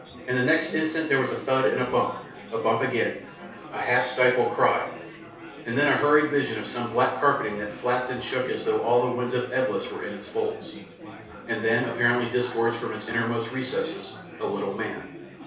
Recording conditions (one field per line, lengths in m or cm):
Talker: one person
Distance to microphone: 3.0 m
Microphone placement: far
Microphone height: 1.8 m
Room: small (3.7 m by 2.7 m)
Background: babble